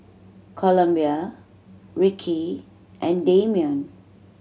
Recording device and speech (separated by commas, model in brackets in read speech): mobile phone (Samsung C7100), read sentence